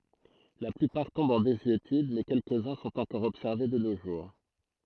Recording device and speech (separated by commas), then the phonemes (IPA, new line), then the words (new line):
throat microphone, read sentence
la plypaʁ tɔ̃bt ɑ̃ dezyetyd mɛ kɛlkəzœ̃ sɔ̃t ɑ̃kɔʁ ɔbsɛʁve də no ʒuʁ
La plupart tombent en désuétude mais quelques-uns sont encore observés de nos jours.